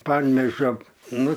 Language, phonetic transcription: Lithuanian, ˈpanvėžio ˈnu

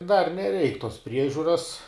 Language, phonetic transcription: Lithuanian, dar neˈreik tos ˈpriežiuras

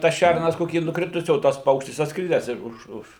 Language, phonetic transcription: Lithuanian, tas ˈšærnas ˈkokį nuˈkritusį o ˈtas ˈpaukštis atsˈkridęs iš ˈuž ˈuž

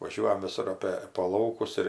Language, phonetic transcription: Lithuanian, vaˈžiuojam viˈsur ˈapė po ˈlaukus ir

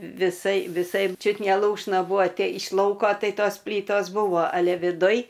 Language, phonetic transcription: Lithuanian, viˈsai viˈsai ˈčiut ne ˈlūšna ˈbūvo ˈte iš ˈlauko ˈtai ˈtos ˈplytos ˈbūvo aˈle viˈduj

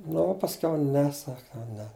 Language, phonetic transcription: Lithuanian, ˈnu o pasˈkiau ˈne ˈsak jau ˈne

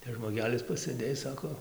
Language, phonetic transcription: Lithuanian, tas žmoˈgelis pasɘˈdėj ˈsako

